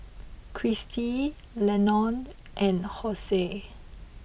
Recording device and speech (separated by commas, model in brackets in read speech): boundary microphone (BM630), read sentence